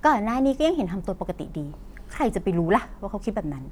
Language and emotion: Thai, frustrated